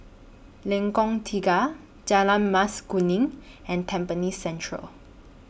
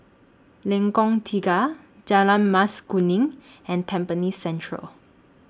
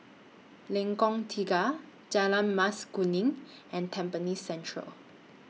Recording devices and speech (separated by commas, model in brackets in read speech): boundary microphone (BM630), standing microphone (AKG C214), mobile phone (iPhone 6), read sentence